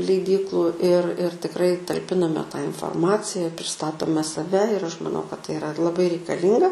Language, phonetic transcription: Lithuanian, leiˈdyklu ir ir tikˈrai talˈpiname tą inforˈmacija prisˈtatome saˈve ir ˈaš maˈnau kad tai iˈra laˈbai reikaˈlynga

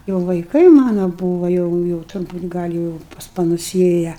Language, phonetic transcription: Lithuanian, jau vaiˈkai ˈmano ˈbūva jau jau turˈbūt ˈgal' jau i pas paˈnus ˈėja

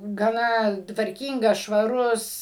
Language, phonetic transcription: Lithuanian, gaˈna tvarˈkyngas švaˈrus

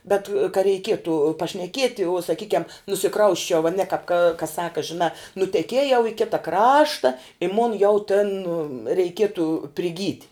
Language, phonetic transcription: Lithuanian, ˈbet ka reiˈkietu pašneˈkieti uo saˈkykiam nusiˈkrausčiau aˈne kap ka ka ˈsaka žiˈnā nuteˈkiejau i ˈkita ˈkrašta i mon jau ten reiˈkietu priˈgyt'

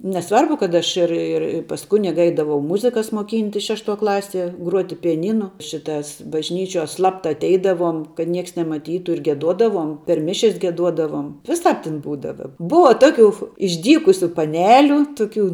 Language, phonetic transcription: Lithuanian, neˈsvarbu kad ˈaš ir ir pas ˈkuniga ˈeidavau ˈmuzikas moˈkyntis ˈšešˌtuo ˈklaˌsie ˈgruoti pijaˈnynu ˈšitas bažˈnyčiuo ˈslapta atˈeidavuom kad ˈnieks nemaˈtytu ir gieˈduodavuom per ˈmišias gieˈduodavom viˈsāp tin ˈbūdava ˈbuva ˈtoˌkiu išˈdykusiu paˈneliu ˈtuˌkių

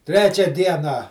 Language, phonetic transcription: Lithuanian, ˈtrečia ˈdieną

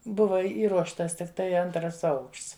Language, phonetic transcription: Lithuanian, ˈbuva ˈįruoštas tikˈtai ˈantras ˈaukšts

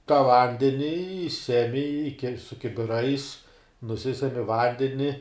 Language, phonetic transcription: Lithuanian, ta ˈvandeni i ˈsemi i ke su kibiˈrais nuˈsisemi ˈvandeni

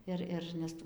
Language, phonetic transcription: Lithuanian, ˈir ir nes ˈtų

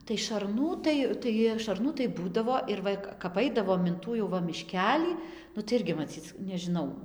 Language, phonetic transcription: Lithuanian, tai šarˈnų ˈtai tai šarˈnų tai ˈbūdavo ir ˈva kap ˈaidavom in ˈtų jau ˈva miˈškelį nu tai ˈirgi maˈcyc nežiˈnau

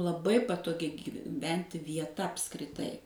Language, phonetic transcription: Lithuanian, laˈbai patoˈgi gyˈventi vieˈta apskriˈtai

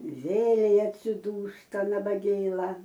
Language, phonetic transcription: Lithuanian, ˈvėlei atsiˈdūsta nabaˈgėla

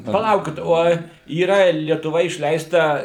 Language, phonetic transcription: Lithuanian, paˈlaukit ˈoj yˈra lietuˈva išˈleista

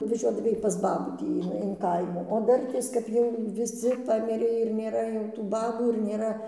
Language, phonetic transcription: Lithuanian, nuvaˈžiuodavai pas ˈbabų ˈtį in in ˈkaimų o ˈdartės kap ˈjau viˈsi ˈpamirė ir nėˈra jau tų ˈbabų ir nėˈra

